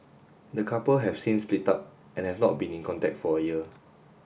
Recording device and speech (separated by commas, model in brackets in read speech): boundary microphone (BM630), read sentence